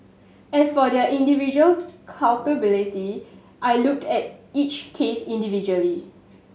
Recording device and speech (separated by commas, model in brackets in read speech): mobile phone (Samsung S8), read sentence